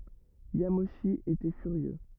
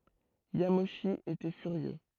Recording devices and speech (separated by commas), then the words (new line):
rigid in-ear microphone, throat microphone, read sentence
Yamauchi était furieux.